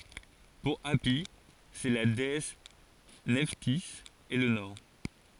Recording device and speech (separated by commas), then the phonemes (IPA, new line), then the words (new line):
forehead accelerometer, read sentence
puʁ api sɛ la deɛs nɛftiz e lə nɔʁ
Pour Hâpi c'est la déesse Nephtys et le nord.